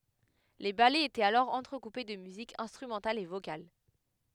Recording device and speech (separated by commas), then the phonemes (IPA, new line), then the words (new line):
headset microphone, read sentence
le balɛz etɛt alɔʁ ɑ̃tʁəkupe də myzik ɛ̃stʁymɑ̃tal e vokal
Les ballets étaient alors entrecoupés de musique instrumentale et vocale.